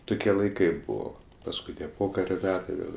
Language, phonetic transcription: Lithuanian, ˈtukie laiˈkai ˈbuvo pasˈkui tie ˈpokario ˈmetai ˈvėl

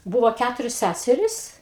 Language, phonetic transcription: Lithuanian, ˈbūvo ˈkæturios ˈsæseris

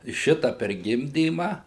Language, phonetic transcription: Lithuanian, ˈšita per ˈgimdyma

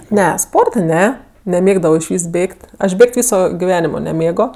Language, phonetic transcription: Lithuanian, ˈne ˈsporta ˈne neˈmėgdavo išˈvys ˈbėg't' ˈaš ˈbėg't' ˈvyso giˈvenimo neˈmėgo

